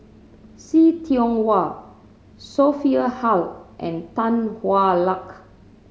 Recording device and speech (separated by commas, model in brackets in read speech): mobile phone (Samsung C7100), read sentence